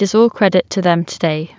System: none